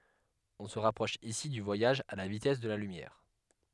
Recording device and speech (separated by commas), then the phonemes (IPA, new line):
headset microphone, read sentence
ɔ̃ sə ʁapʁɔʃ isi dy vwajaʒ a la vitɛs də la lymjɛʁ